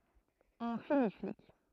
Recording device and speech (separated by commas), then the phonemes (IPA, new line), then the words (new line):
throat microphone, read sentence
ɔ̃ fini flik
On finit flic.